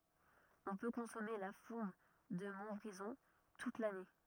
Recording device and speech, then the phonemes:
rigid in-ear microphone, read sentence
ɔ̃ pø kɔ̃sɔme la fuʁm də mɔ̃tbʁizɔ̃ tut lane

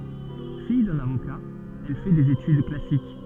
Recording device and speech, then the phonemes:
soft in-ear microphone, read sentence
fij dœ̃n avoka ɛl fɛ dez etyd klasik

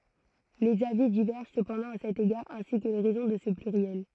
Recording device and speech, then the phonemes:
throat microphone, read sentence
lez avi divɛʁʒɑ̃ səpɑ̃dɑ̃ a sɛt eɡaʁ ɛ̃si kə le ʁɛzɔ̃ də sə plyʁjɛl

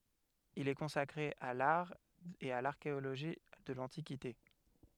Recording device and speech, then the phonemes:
headset microphone, read sentence
il ɛ kɔ̃sakʁe a laʁ e a laʁkeoloʒi də lɑ̃tikite

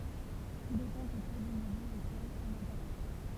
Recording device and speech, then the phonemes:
temple vibration pickup, read sentence
tu depɑ̃ pøtɛtʁ dy miljø okɛl ɔ̃n apaʁtjɛ̃

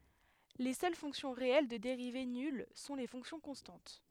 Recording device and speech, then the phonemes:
headset microphone, read sentence
le sœl fɔ̃ksjɔ̃ ʁeɛl də deʁive nyl sɔ̃ le fɔ̃ksjɔ̃ kɔ̃stɑ̃t

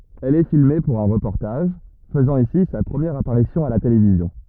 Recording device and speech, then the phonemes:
rigid in-ear microphone, read sentence
ɛl ɛ filme puʁ œ̃ ʁəpɔʁtaʒ fəzɑ̃ isi sa pʁəmjɛʁ apaʁisjɔ̃ a la televizjɔ̃

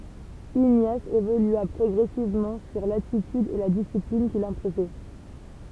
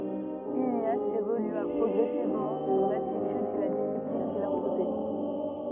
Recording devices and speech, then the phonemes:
temple vibration pickup, rigid in-ear microphone, read sentence
iɲas evolya pʁɔɡʁɛsivmɑ̃ syʁ latityd e la disiplin kil sɛ̃pozɛ

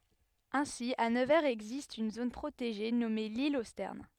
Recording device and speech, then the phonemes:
headset microphone, read sentence
ɛ̃si a nəvɛʁz ɛɡzist yn zon pʁoteʒe nɔme lil o stɛʁn

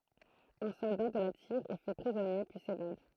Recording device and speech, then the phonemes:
throat microphone, read sentence
œ̃ sɔlda də la tiʁ ɛ fɛ pʁizɔnje pyi sevad

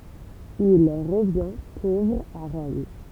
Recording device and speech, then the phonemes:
temple vibration pickup, read sentence
il ʁəvjɛ̃ povʁ a ʁɔm

